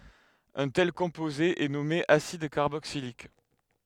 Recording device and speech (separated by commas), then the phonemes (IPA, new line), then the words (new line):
headset microphone, read sentence
œ̃ tɛl kɔ̃poze ɛ nɔme asid kaʁboksilik
Un tel composé est nommé acide carboxylique.